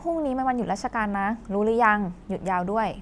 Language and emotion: Thai, neutral